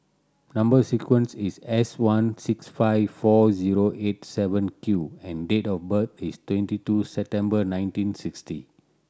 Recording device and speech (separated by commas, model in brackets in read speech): standing microphone (AKG C214), read sentence